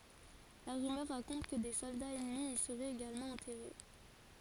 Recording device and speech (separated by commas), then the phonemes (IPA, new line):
forehead accelerometer, read sentence
la ʁymœʁ ʁakɔ̃t kə de sɔldaz ɛnmi i səʁɛt eɡalmɑ̃ ɑ̃tɛʁe